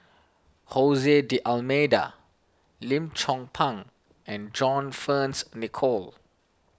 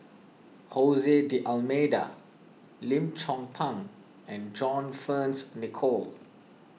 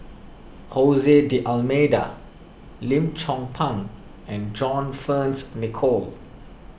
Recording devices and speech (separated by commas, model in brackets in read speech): standing microphone (AKG C214), mobile phone (iPhone 6), boundary microphone (BM630), read sentence